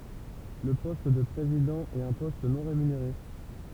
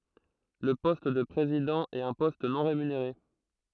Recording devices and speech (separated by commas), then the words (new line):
temple vibration pickup, throat microphone, read sentence
Le poste de président est un poste non rémunéré.